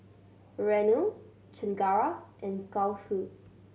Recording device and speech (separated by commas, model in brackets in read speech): mobile phone (Samsung C7100), read sentence